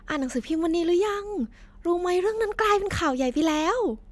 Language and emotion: Thai, happy